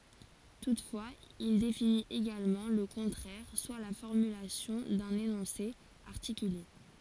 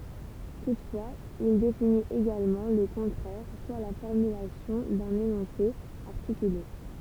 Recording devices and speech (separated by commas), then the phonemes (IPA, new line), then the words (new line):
forehead accelerometer, temple vibration pickup, read sentence
tutfwaz il definit eɡalmɑ̃ lə kɔ̃tʁɛʁ swa la fɔʁmylasjɔ̃ dœ̃n enɔ̃se aʁtikyle
Toutefois, il définit également le contraire, soit la formulation d'un énoncé articulé.